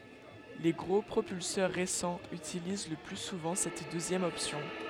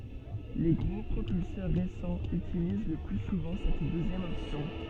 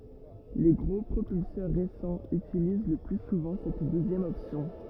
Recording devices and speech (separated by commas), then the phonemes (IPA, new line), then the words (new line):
headset microphone, soft in-ear microphone, rigid in-ear microphone, read sentence
le ɡʁo pʁopylsœʁ ʁesɑ̃z ytiliz lə ply suvɑ̃ sɛt døzjɛm ɔpsjɔ̃
Les gros propulseurs récents utilisent le plus souvent cette deuxième option.